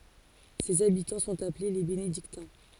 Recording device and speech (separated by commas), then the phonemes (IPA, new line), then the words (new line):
forehead accelerometer, read sentence
sez abitɑ̃ sɔ̃t aple le benediktɛ̃
Ses habitants sont appelés les Bénédictins.